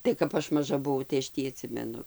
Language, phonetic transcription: Lithuanian, tai kap ˈaš maˈža buˈvau tai aš ˈtį aˈtsimenu

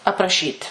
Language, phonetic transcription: Lithuanian, apraˈšyt'

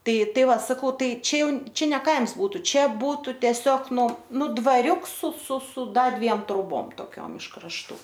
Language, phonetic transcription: Lithuanian, ˈtai ˈtai ˈva saˈkau ˈtai ˈčia ˈjau ˈčia ne ˈkaims ˈbūtu ˈčia ˈbūtu teˈsiog ˈnu ˈnu dvaˈriuks su su su ˈdar ˈdviem troˈbom toˈkiom iš krašˈtų

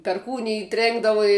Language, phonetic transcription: Lithuanian, perˈkūnij ˈtrėnkdavu i

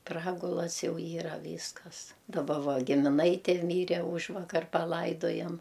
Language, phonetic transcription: Lithuanian, ˈpragulas ˈjau ˈyra ˈvyskas daˈba ˈva gimiˈnaitė ˈmyre ˈūžvakar paˈlaidojam

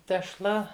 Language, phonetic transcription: Lithuanian, tešˈla

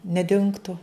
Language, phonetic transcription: Lithuanian, neˈdingtu

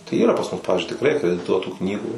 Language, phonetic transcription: Lithuanian, tai ˈyra pas mus ˈpavizdžiui tikˈrai akrediˈtuotų ˈknygų

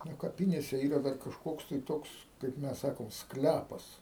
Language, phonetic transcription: Lithuanian, nu kaˈpinėse ˈyra ˈdar kažˈkoks tai ˈtoks kaip ˈmes ˈsakom ˈsklæpas

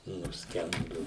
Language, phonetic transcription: Lithuanian, nusˈkendu

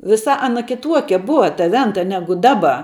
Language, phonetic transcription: Lithuanian, viˈsa aˈna kiˈtuokia ˈbuva ta ˈventa ˈnegu ˈdaba

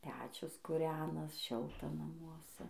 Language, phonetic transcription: Lithuanian, ˈpečius kuˈrenas ˈšilta namuoˈse

